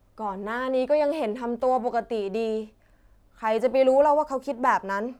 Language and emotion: Thai, frustrated